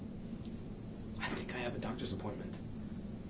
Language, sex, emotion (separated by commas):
English, male, neutral